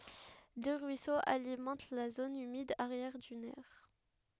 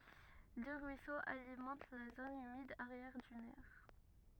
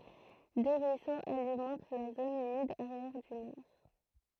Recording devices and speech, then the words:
headset microphone, rigid in-ear microphone, throat microphone, read sentence
Deux ruisseaux alimentent la zone humide arrière-dunaire.

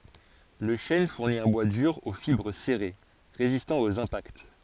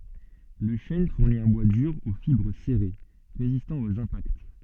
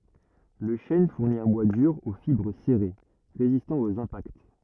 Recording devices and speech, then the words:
forehead accelerometer, soft in-ear microphone, rigid in-ear microphone, read sentence
Le chêne fournit un bois dur aux fibres serrées, résistant aux impacts.

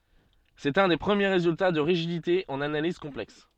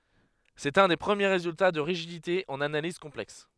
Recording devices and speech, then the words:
soft in-ear microphone, headset microphone, read sentence
C'est un des premiers résultats de rigidité en analyse complexe.

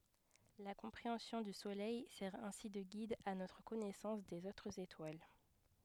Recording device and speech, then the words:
headset microphone, read sentence
La compréhension du Soleil sert ainsi de guide à notre connaissance des autres étoiles.

